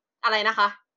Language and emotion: Thai, frustrated